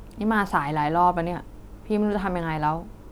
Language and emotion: Thai, frustrated